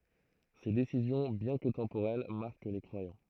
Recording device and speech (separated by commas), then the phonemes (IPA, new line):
throat microphone, read sentence
se desizjɔ̃ bjɛ̃ kə tɑ̃poʁɛl maʁk le kʁwajɑ̃